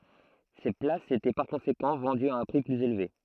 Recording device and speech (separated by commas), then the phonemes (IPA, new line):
throat microphone, read sentence
se plasz etɛ paʁ kɔ̃sekɑ̃ vɑ̃dyz a œ̃ pʁi plyz elve